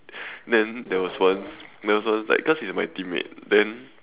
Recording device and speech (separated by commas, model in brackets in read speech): telephone, conversation in separate rooms